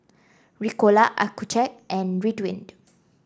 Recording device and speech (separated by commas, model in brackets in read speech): standing microphone (AKG C214), read sentence